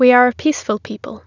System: none